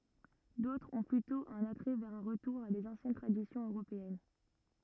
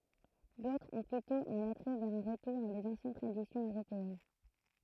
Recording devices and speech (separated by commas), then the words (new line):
rigid in-ear microphone, throat microphone, read sentence
D'autres ont plutôt un attrait vers un retour à des anciennes traditions européennes.